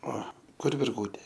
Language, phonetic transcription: Lithuanian, ˈo ˈkur virˈgūtė

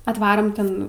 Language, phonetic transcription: Lithuanian, atˈvarom ˈten

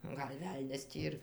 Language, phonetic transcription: Lithuanian, ˈgal' ˈvelnias ˈtį ir

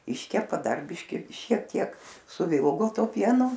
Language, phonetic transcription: Lithuanian, ˈiškepa ˈdar ˈbiški šiek ˈtiek suˈvilgo ˈtuo ˈpienu

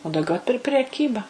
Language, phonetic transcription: Lithuanian, o dauˈgiau pir per preˈkyba

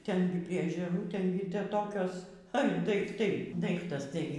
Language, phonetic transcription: Lithuanian, ˈten gi prie ežeˈrų ˈten gi ˈte ˈtokios ar daikˈtai ˈdaiktas ˈtai

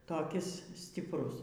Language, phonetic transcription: Lithuanian, toˈkis stipˈrus

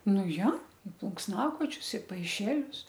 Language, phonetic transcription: Lithuanian, ˈnu ˈjo i plunksˈnakočius i paiˈšelius

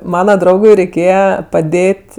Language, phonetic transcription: Lithuanian, ˈmana ˈdraugui reiˈkėje paˈdėt'

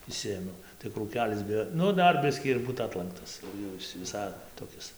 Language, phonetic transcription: Lithuanian, išˈsiėmiau tai krūˈkelis bi ˈnu ˈdar ˈbiskį ir ˈbūt ˈatlanktas ˈjau is viˈsai toˈkis

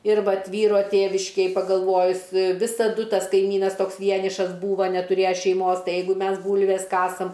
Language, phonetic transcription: Lithuanian, ir ˈvat ˈvyro ˈtėviškėj pagalˈvojus visaˈdu ˈtas kaiˈmynas ˈtoks ˈvienišas ˈbūva netuˈrėja šeiˈmos ˈtai ˈjeigu ˈmes ˈbūlves ˈkasam

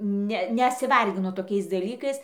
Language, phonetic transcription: Lithuanian, ˈne nesiˈvarginu toˈkiais daˈlykais

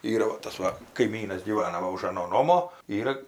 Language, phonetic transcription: Lithuanian, ˈyra va ˈtas ˈva kaiˈmynas gyˈvana ˈva už aˈno ˈnomo ˈyra

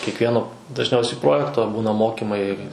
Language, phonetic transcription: Lithuanian, kiekˈvieno dažˈniausiai ˈprojekto ˈbūna ˈmokimai

